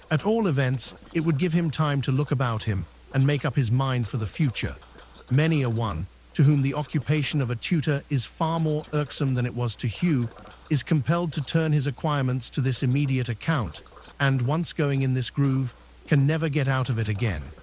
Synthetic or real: synthetic